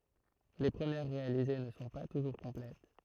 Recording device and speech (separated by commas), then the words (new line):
throat microphone, read sentence
Les premières réalisées ne sont pas toujours complètes.